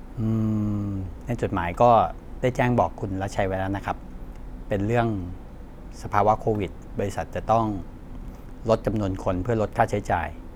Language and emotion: Thai, neutral